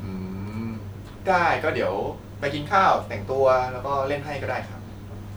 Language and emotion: Thai, neutral